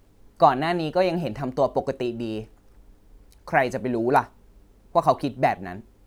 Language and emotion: Thai, frustrated